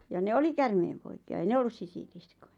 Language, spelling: Finnish, ja ne oli käärmeenpoikia ei ne ollut sisiliskoja
- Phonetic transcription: ja ne "oli "kärmeempoiki₍a ei 'ne "ollus 'sisiliskᴏᴊᴀ .

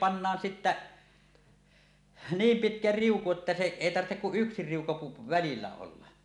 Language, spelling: Finnish, pannaan sitten niin pitkä riuku että se ei tarvitse kuin yksi riuku - välillä olla
- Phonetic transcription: pannaan sittä , "niim "pitkä "riuku että se 'èi 'tarttek kuˀ 'ˀyksi riuku pu- , välillä olla .

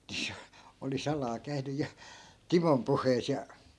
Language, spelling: Finnish, niin se oli salaa käynyt ja Timon puheissa ja
- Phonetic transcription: (ni se) , oli 'salaa käy̬ny ja , "timom 'puh̀eis ja , .

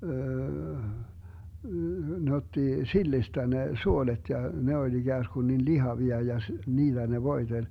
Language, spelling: Finnish, ne otti sillistä ne suolet ja ne oli ikään kuin niin lihavia ja - niillä ne voiteli
- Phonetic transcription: ne 'otti , "sillistä 'ne "suolet ja , 'ne oĺ 'iGääsGun nin "lihavia ja s- , 'niillä ne 'voi̮teĺ .

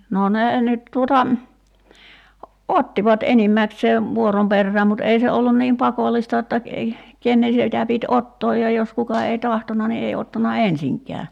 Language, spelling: Finnish, no ne nyt tuota ottivat enimmäkseen vuoron perään mutta ei se ollut niin pakollista jotta kenen sitä piti ottaa ja jos kuka ei tahtonut niin ei ottanut ensinkään
- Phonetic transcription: no 'nee nyt tuota , "ottivat 'enimmäksee , "vuorom 'perrääm mut 'ei se ollun niim "pakol̆lista [j]otta , 'kennen̬ sitä pit "ottooj ja jos 'kuka ei "tahtona ni 'ei 'ottana "ensiŋk̀ɛä .

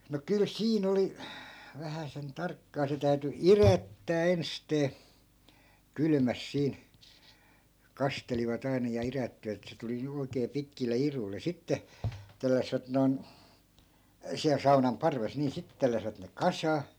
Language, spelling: Finnish, no kyllä siinä oli vähäsen tarkkaa se täytyi idättää ensisteen kylmässä siinä kastelivat aina ja idättivät että se tuli juuri oikein pitkille iduille sitten telläsivät noin siellä saunan parvessa niin sitten telläsivät ne kasaan
- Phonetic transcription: no 'kyl "siin ‿oli , vähäsen 'tarkkaa 'se täyty "irättää 'enstee , 'kylmäs siin̬ , 'kastelivat ‿ai̮na ja 'irättivät ‿et se 'tuli (juur) oikee 'pitkille 'iruile "sitte , 'telläsvät noi̮n , siäl 'saunam "parves nii 'sittᵉ telläsⁱvät ne "kasaa .

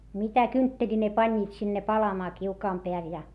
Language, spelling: Finnish, mitä kyntteliä ne panivat sinne palamaan kiukaan päälle ja
- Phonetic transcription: mitä kyntteĺi ne pańńiit sinne palamaa kiukaam peäl ja .

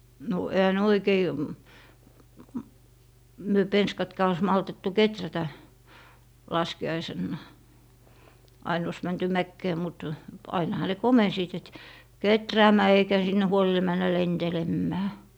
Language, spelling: Finnish, no eihän ne oikein - me penskatkaan olisi maltettu kehrätä laskiaisena aina olisi menty mäkeen mutta ainahan ne komensivat että kehräämään eikä sinne huoli mennä lentelemään
- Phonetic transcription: no ehä "ne 'oikei , m - myö 'penskatkaa ois 'maltettu "keträtä , 'laski₍aisennà , 'ain ois 'mänty "mäkkee mut , 'ainaha ne "komensiit et , » "keträämää 'eikä 'sinne 'huoli 'männä "lentelemmää » .

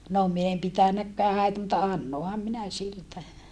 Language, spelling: Finnish, no minä en pitänytkään häitä mutta annoinhan minä siltä
- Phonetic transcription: no , min ‿em pitänäkkää häitä mutta annoham minä siltä .

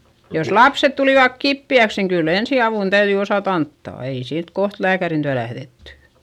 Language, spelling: Finnish, jos lapset tulivat kipeäksi niin kyllä ensiavun täytyi osata antaa ei siitä kohta lääkärin tykö lähdetty
- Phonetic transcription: jos lapset tulìvak kippi₍äks niŋ kyll ‿ensi₍avùn täyδyi osàt ‿anttà , ei siit koht lääkärin tyä lähδetty .

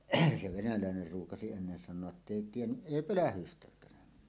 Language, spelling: Finnish, se venäläinen ruukasi ennen sanoa että ei tiennyt ei pölähdystäkään
- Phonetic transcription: se "venälä̀ener ruukasi ennen san̆noa’ » '’ettei "tiennyˀ "ˀèi "pölähystäk̀ään « .

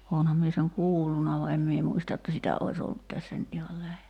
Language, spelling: Finnish, olenhan minä sen kuullut vaan en minä muista että sitä olisi ollut tässä nyt ihan lähellä
- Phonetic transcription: 'oonham mie seŋ "kuulluna va "em mie 'muista että "sitä ois 'ollut tässä nyt ihal 'lähelä .

